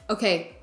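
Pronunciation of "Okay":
'Okay' is said in a forceful tone.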